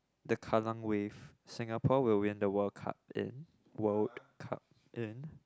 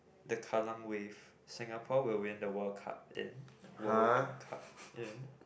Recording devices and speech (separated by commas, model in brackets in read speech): close-talking microphone, boundary microphone, conversation in the same room